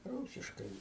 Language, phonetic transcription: Lithuanian, ˈrūsiškai

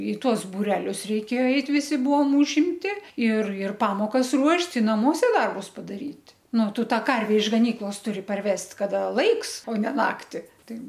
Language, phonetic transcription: Lithuanian, i ˈtuos buˈrelius reiˈkėjo ˈeit visi ˈbuvom užimˈti ir ir ˈpamokas ˈruošt' i naˈmuose ˈdarbus padaˈryt' nu ˈtu ˈtą ˈkarve iš gaˈnyklos ˈturi parˈvest' ˈkada ˈlaiks o ne ˈnakti ˈtai

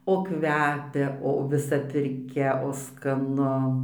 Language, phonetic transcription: Lithuanian, o ˈkvepia o viˈsa pirˈkia o skaˈnu

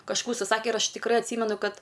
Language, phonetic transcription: Lithuanian, kažˈkų užsiˈsake ir ˈaš tikˈrɜ atˈsymenu ˈkad

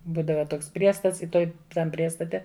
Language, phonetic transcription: Lithuanian, ˈbūdava ˈtoks ˈpriestats i ˈtoj ˈtam ˈpriestate

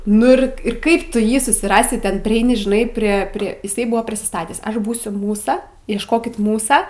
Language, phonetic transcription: Lithuanian, nu ir ˈir ˈkaip ˈtu ˈjį susiˈrasi ˈten priˈeini žiˈnai prie ˈprie jiˈsai ˈbuvo prisiˈstatęs ˈaš ˈbūsiu ˈmūsa iešˈkokit ˈmūsa

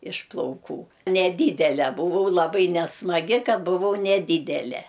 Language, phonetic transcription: Lithuanian, iš plauˈkų neˈdydele buˈvau laˈbai nesmaˈgi ka buˈvau neˈdydele

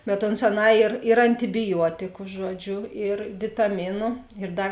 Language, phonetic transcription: Lithuanian, bet ˈons aˈnā ir ir antibiˈjuotiku ˈžuoˌdžiu ir vitaˈminu ir ˈdar

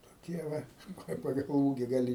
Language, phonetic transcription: Lithuanian, toˈkie ˈva nu ˈkai paˈgal ˈūgi gaˈli

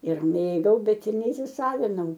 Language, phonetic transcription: Lithuanian, ir ˈmėgau ˈbet ir neįsiˈsavinau

